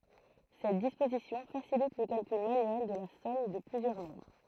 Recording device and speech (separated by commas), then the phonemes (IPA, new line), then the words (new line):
throat microphone, read sentence
sɛt dispozisjɔ̃ fasilit lə kalkyl manyɛl də la sɔm də plyzjœʁ nɔ̃bʁ
Cette disposition facilite le calcul manuel de la somme de plusieurs nombres.